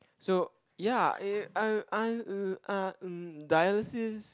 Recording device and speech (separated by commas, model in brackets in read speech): close-talking microphone, conversation in the same room